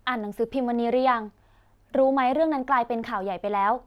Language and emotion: Thai, neutral